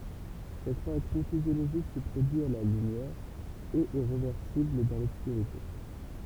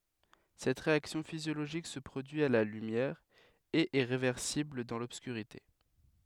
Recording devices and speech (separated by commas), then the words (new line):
temple vibration pickup, headset microphone, read sentence
Cette réaction physiologique se produit à la lumière, et est réversible dans l'obscurité.